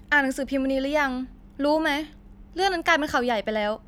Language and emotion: Thai, angry